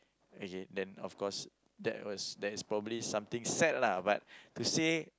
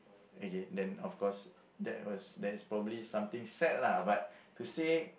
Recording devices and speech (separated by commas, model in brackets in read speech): close-talking microphone, boundary microphone, conversation in the same room